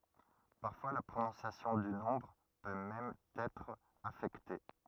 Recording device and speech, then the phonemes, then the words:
rigid in-ear microphone, read sentence
paʁfwa la pʁonɔ̃sjasjɔ̃ dy nɔ̃bʁ pø mɛm ɑ̃n ɛtʁ afɛkte
Parfois, la prononciation du nombre peut même en être affectée.

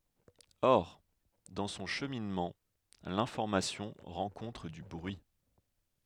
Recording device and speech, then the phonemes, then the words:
headset microphone, read sentence
ɔʁ dɑ̃ sɔ̃ ʃəminmɑ̃ lɛ̃fɔʁmasjɔ̃ ʁɑ̃kɔ̃tʁ dy bʁyi
Or, dans son cheminement, l'information rencontre du bruit.

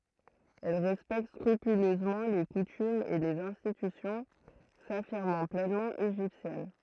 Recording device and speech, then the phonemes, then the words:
throat microphone, read sentence
ɛl ʁɛspɛkt skʁypyløzmɑ̃ le kutymz e lez ɛ̃stitysjɔ̃ safiʁmɑ̃ plɛnmɑ̃ eʒiptjɛn
Elle respecte scrupuleusement les coutumes et les institutions, s’affirmant pleinement égyptienne.

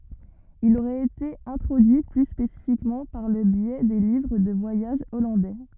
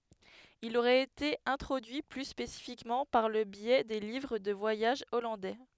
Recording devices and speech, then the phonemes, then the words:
rigid in-ear microphone, headset microphone, read sentence
il oʁɛt ete ɛ̃tʁodyi ply spesifikmɑ̃ paʁ lə bjɛ de livʁ də vwajaʒ ɔlɑ̃dɛ
Il aurait été introduit plus spécifiquement par le biais des livres de voyage hollandais.

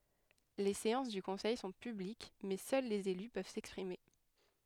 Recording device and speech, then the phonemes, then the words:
headset microphone, read sentence
le seɑ̃s dy kɔ̃sɛj sɔ̃ pyblik mɛ sœl lez ely pøv sɛkspʁime
Les séances du conseil sont publiques mais seuls les élus peuvent s’exprimer.

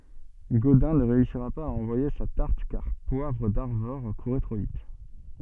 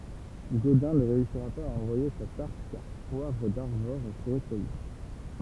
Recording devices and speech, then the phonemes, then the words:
soft in-ear microphone, temple vibration pickup, read sentence
ɡodɛ̃ nə ʁeysiʁa paz a ɑ̃vwaje sa taʁt kaʁ pwavʁ daʁvɔʁ kuʁɛ tʁo vit
Godin ne réussira pas à envoyer sa tarte car Poivre d'Arvor courait trop vite.

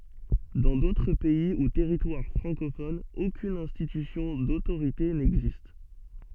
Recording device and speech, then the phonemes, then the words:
soft in-ear microphone, read sentence
dɑ̃ dotʁ pɛi u tɛʁitwaʁ fʁɑ̃kofonz okyn ɛ̃stitysjɔ̃ dotoʁite nɛɡzist
Dans d'autres pays ou territoires francophones, aucune institution d'autorité n'existe.

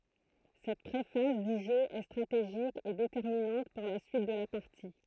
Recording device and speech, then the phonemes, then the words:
throat microphone, read sentence
sɛt pʁefaz dy ʒø ɛ stʁateʒik e detɛʁminɑ̃t puʁ la syit də la paʁti
Cette pré-phase du jeu est stratégique et déterminante pour la suite de la partie.

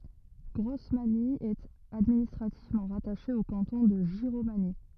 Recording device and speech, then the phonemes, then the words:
rigid in-ear microphone, read sentence
ɡʁɔsmaɲi ɛt administʁativmɑ̃ ʁataʃe o kɑ̃tɔ̃ də ʒiʁomaɲi
Grosmagny est administrativement rattachée au canton de Giromagny.

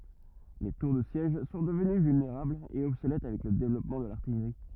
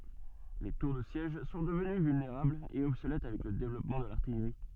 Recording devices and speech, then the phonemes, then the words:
rigid in-ear microphone, soft in-ear microphone, read sentence
le tuʁ də sjɛʒ sɔ̃ dəvəny vylneʁablz e ɔbsolɛt avɛk lə devlɔpmɑ̃ də laʁtijʁi
Les tours de siège sont devenues vulnérables et obsolètes avec le développement de l’artillerie.

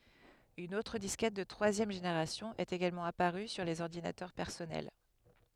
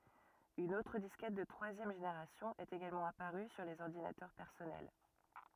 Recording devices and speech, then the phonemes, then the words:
headset microphone, rigid in-ear microphone, read sentence
yn otʁ diskɛt də tʁwazjɛm ʒeneʁasjɔ̃ ɛt eɡalmɑ̃ apaʁy syʁ lez ɔʁdinatœʁ pɛʁsɔnɛl
Une autre disquette de troisième génération est également apparue sur les ordinateurs personnels.

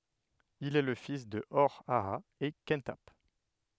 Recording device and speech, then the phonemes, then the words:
headset microphone, read sentence
il ɛ lə fis də ɔʁ aa e kɑ̃tap
Il est le fils de Hor-Aha et Khenthap.

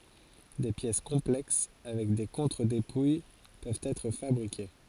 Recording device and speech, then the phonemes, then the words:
forehead accelerometer, read sentence
de pjɛs kɔ̃plɛks avɛk de kɔ̃tʁədepuj pøvt ɛtʁ fabʁike
Des pièces complexes avec des contre-dépouilles peuvent être fabriquées.

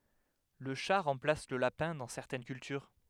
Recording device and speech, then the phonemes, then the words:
headset microphone, read sentence
lə ʃa ʁɑ̃plas lə lapɛ̃ dɑ̃ sɛʁtɛn kyltyʁ
Le chat remplace le lapin dans certaines cultures.

